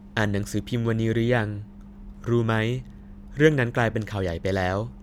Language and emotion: Thai, neutral